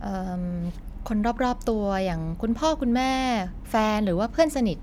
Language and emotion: Thai, neutral